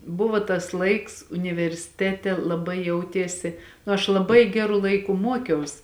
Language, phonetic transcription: Lithuanian, ˈbuvo tas ˈlaiks universiˈtete laˈbai ˈjautiesi aš laˈbai ˈgeru ˈlaiku ˈmuokiaus

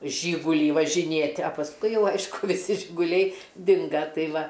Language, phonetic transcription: Lithuanian, ˈžygulį važiˈnėt' a pasˈkui ˈjau ˈaišku viˈsi žiguˈliai ˈdinga ˈtai ˈva

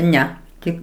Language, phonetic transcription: Lithuanian, ˈne ˈtik

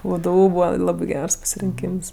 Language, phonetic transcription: Lithuanian, ˈvdu ˈbūva ˈlabi ˈgers pasirinˈkyms

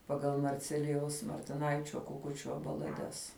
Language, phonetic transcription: Lithuanian, paˈgal marˈcelijaus martiˈnaičio kuˈkučio balaˈdes

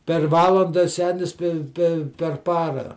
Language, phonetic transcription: Lithuanian, per ˈvalanda ˈsenis pe pe per ˈpara

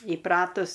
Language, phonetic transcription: Lithuanian, įˈpratus

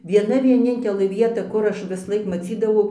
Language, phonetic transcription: Lithuanian, vieˈna vieˈnintelɘ ˈvieta ˈkur ˈaš visˈlaik maˈcydavau

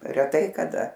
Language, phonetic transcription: Lithuanian, reˈtai kaˈda

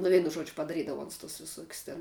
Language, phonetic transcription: Lithuanian, nu ˈveinu ˈžuodžiu padaˈrydavo ˈuns tus viˈsuokius ten

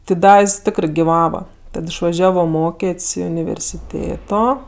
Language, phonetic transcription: Lithuanian, ti ˈda jis ˈtikrɜ giˈvava ˈtad išvaˈžiavo ˈmokėt's' i universiˈtėto

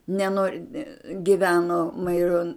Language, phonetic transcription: Lithuanian, neˈnor' giˈveno maiˈron

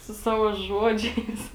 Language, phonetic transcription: Lithuanian, su ˈsavo ˈžuodžiais

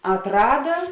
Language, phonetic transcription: Lithuanian, atˈrada

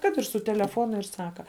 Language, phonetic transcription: Lithuanian, ˈkad ir su teleˈfonu ir ˈsaka

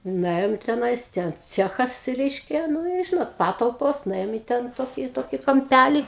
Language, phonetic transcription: Lithuanian, nuˈėjom teˈnais ˈten ˈcechas ˈreiškia ˈnu i ˈžinot ˈpatalpos nuˈėjom į ˈten ˈtokį ˈtokį kamˈpælį

